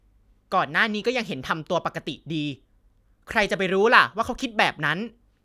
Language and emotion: Thai, frustrated